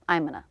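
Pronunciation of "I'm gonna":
In 'I'm gonna', the g sound is dropped.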